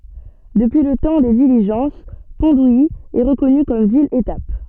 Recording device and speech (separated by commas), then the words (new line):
soft in-ear microphone, read sentence
Depuis le temps des diligences, Pont-d'Ouilly est reconnue comme ville étape.